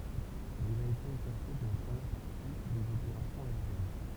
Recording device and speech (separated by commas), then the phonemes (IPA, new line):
temple vibration pickup, read sentence
mɛz il a ete ekaʁte də la pʁəmjɛʁ paʁti dez opeʁasjɔ̃z aeʁjɛn